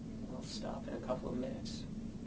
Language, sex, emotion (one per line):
English
male
neutral